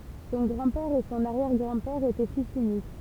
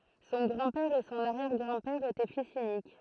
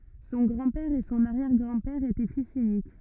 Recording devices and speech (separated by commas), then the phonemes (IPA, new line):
temple vibration pickup, throat microphone, rigid in-ear microphone, read sentence
sɔ̃ ɡʁɑ̃dpɛʁ e sɔ̃n aʁjɛʁɡʁɑ̃dpɛʁ etɛ fis ynik